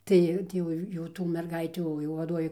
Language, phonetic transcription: Lithuanian, ˈtai ˈtį jau jau ˈtų merˈgaitių jau vaˈduovė

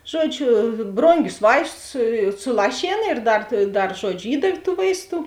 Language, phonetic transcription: Lithuanian, ˈžuoˌdžiu ˈbrongius ˈvaistus suˈlašėn ir ˈdar ˈdar ˈžuodžiu ˈįdav' tų ˈvaisˌtų

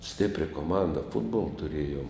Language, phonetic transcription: Lithuanian, ˈstipria koˈmanda ˈfutbola tuˈrėjom

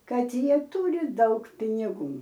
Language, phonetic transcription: Lithuanian, ˈkad ˈjie ˈtūri ˈdaug piniˈgų

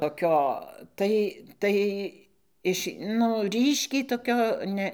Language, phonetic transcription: Lithuanian, toˈkio ˈtai ˈtai ˈiš ˈnu ˈryškiai toˈkio ˈne

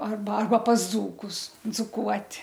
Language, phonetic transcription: Lithuanian, ˈarba ˈarba pas ˈdzūkus dzuˈkuot'

